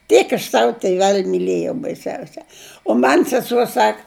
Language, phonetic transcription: Lithuanian, ˈtiek aš ˈsavu tiˈvel' miˈlėjau baiˈsiausia o ˈman' seˈsuo ˈsak

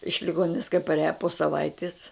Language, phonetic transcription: Lithuanian, iš liˈgoninis kai parˈiaja po saˈvaitis

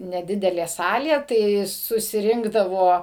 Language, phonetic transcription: Lithuanian, neˈdidelė ˈsalė tai susiˈrinkdavo

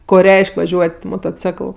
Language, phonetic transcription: Lithuanian, ˈko ˈreiš'k' vaˈžiuot' motoˈcekl

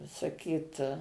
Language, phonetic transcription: Lithuanian, saˈkyt

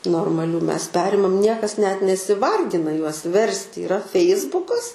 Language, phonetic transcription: Lithuanian, normaˈlių ˈmes ˈperimam ˈniekas net nesiˈvargina juos ˈversti yˈra ˈfeisbukas

